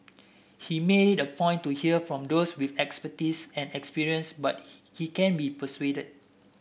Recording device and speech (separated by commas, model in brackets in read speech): boundary microphone (BM630), read sentence